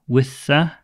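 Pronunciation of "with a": In 'with a', the two words link together.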